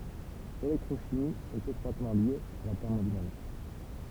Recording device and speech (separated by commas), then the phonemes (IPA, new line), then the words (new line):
temple vibration pickup, read sentence
lelɛktʁoʃimi ɛt etʁwatmɑ̃ lje a la tɛʁmodinamik
L'électrochimie est étroitement liée à la thermodynamique.